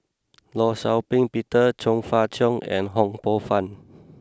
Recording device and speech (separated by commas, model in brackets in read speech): close-talking microphone (WH20), read sentence